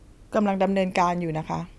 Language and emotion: Thai, neutral